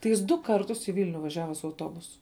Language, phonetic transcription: Lithuanian, tai ˈjis du ˈkartus į ˈvilniu vaˈžiava su auˈtobusu

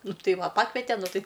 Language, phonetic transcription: Lithuanian, ˈnu ˈtai ˈva ˈpakvete ˈnu ˈtai

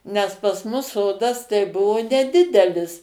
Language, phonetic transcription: Lithuanian, nes pas ˈmus ˈsodas tai ˈbuvo neˈdidelis

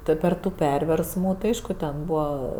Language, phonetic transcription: Lithuanian, ˈtu per ˈtų ˈperversmų tai ˈaišku ten ˈbūva

